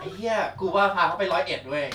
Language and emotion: Thai, happy